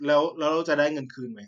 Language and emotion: Thai, frustrated